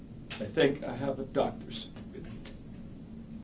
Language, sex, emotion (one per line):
English
male
sad